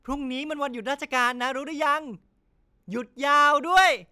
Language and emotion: Thai, happy